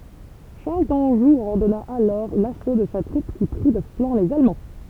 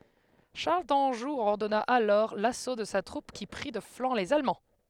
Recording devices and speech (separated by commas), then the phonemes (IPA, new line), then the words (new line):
temple vibration pickup, headset microphone, read sentence
ʃaʁl dɑ̃ʒu ɔʁdɔna alɔʁ laso də sa tʁup ki pʁi də flɑ̃ lez almɑ̃
Charles d'Anjou ordonna alors l'assaut de sa troupe qui prit de flanc les Allemands.